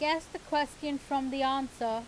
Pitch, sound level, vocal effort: 275 Hz, 90 dB SPL, loud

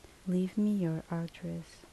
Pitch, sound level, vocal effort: 175 Hz, 72 dB SPL, soft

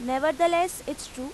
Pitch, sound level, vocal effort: 280 Hz, 92 dB SPL, loud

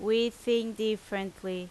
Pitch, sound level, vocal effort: 220 Hz, 87 dB SPL, very loud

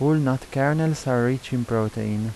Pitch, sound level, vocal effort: 130 Hz, 83 dB SPL, soft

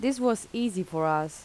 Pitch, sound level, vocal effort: 195 Hz, 83 dB SPL, normal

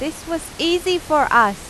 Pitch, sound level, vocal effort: 315 Hz, 94 dB SPL, loud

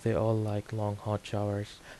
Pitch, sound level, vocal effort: 105 Hz, 79 dB SPL, soft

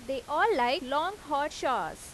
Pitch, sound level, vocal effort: 295 Hz, 91 dB SPL, loud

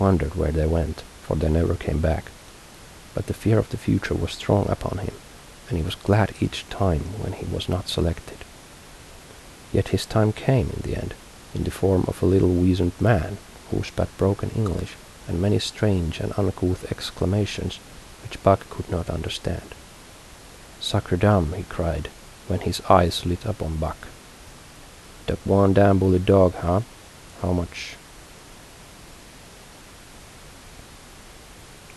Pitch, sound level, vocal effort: 90 Hz, 72 dB SPL, soft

